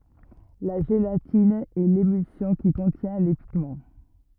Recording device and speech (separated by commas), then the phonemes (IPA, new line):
rigid in-ear microphone, read sentence
la ʒelatin ɛ lemylsjɔ̃ ki kɔ̃tjɛ̃ le piɡmɑ̃